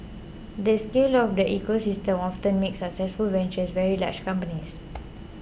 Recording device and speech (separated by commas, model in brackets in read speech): boundary microphone (BM630), read sentence